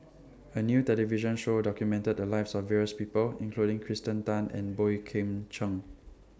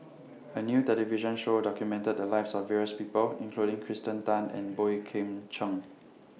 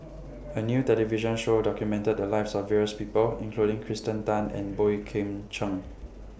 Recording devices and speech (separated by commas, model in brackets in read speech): standing microphone (AKG C214), mobile phone (iPhone 6), boundary microphone (BM630), read sentence